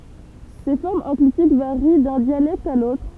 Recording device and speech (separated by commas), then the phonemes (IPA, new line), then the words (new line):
temple vibration pickup, read sentence
se fɔʁmz ɑ̃klitik vaʁi dœ̃ djalɛkt a lotʁ
Ces formes enclitiques varient d’un dialecte à l’autre.